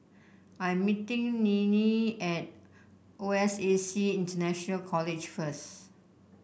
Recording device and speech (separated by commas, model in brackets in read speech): boundary microphone (BM630), read sentence